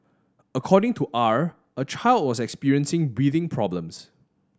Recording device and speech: standing microphone (AKG C214), read sentence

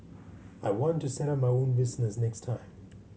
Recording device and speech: mobile phone (Samsung C7100), read sentence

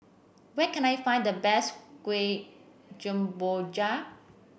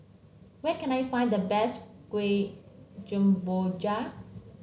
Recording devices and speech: boundary microphone (BM630), mobile phone (Samsung C7), read sentence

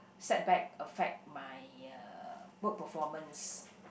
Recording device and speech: boundary microphone, conversation in the same room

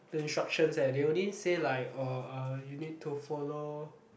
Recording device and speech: boundary microphone, conversation in the same room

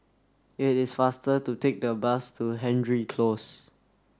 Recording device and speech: standing microphone (AKG C214), read sentence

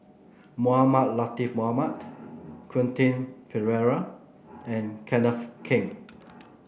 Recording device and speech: boundary microphone (BM630), read sentence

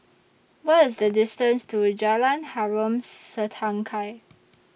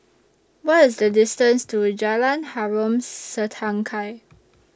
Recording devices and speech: boundary microphone (BM630), standing microphone (AKG C214), read sentence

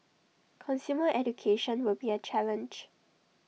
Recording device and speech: mobile phone (iPhone 6), read sentence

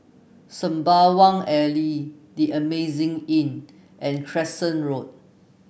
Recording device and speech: boundary microphone (BM630), read sentence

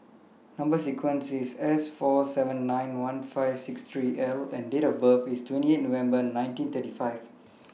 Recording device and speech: mobile phone (iPhone 6), read sentence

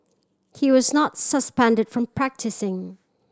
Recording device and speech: standing microphone (AKG C214), read sentence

